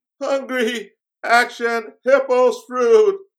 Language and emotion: English, fearful